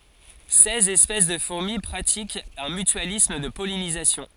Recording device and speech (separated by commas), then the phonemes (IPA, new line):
forehead accelerometer, read sentence
sɛz ɛspɛs də fuʁmi pʁatikt œ̃ mytyalism də pɔlinizasjɔ̃